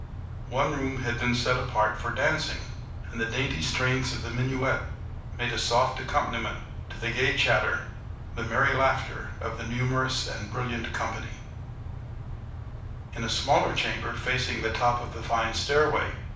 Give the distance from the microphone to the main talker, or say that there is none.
5.8 m.